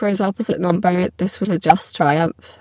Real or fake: fake